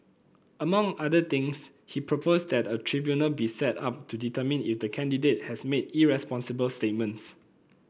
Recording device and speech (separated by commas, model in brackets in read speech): boundary microphone (BM630), read sentence